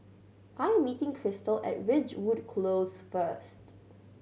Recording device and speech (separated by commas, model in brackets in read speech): mobile phone (Samsung C7100), read sentence